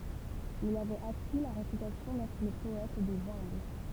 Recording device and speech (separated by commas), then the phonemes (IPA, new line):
temple vibration pickup, read sentence
il avɛt aki la ʁepytasjɔ̃ dɛtʁ lə pɔɛt dez œ̃bl